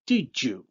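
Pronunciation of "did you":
In 'did you', the d of 'did' becomes a j sound before 'you'.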